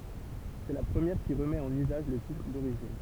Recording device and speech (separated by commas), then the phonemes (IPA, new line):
temple vibration pickup, read sentence
sɛ la pʁəmjɛʁ ki ʁəmɛt ɑ̃n yzaʒ lə titʁ doʁiʒin